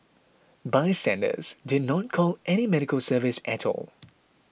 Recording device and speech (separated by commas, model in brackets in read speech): boundary microphone (BM630), read sentence